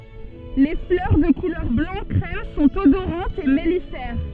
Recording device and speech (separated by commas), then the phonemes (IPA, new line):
soft in-ear microphone, read sentence
le flœʁ də kulœʁ blɑ̃ kʁɛm sɔ̃t odoʁɑ̃tz e mɛlifɛʁ